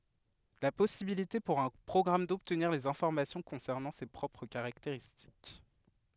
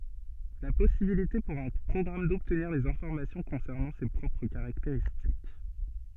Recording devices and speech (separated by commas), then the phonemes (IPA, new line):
headset microphone, soft in-ear microphone, read sentence
la pɔsibilite puʁ œ̃ pʁɔɡʁam dɔbtniʁ dez ɛ̃fɔʁmasjɔ̃ kɔ̃sɛʁnɑ̃ se pʁɔpʁ kaʁakteʁistik